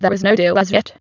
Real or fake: fake